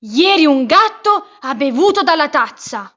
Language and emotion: Italian, angry